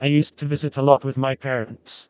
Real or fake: fake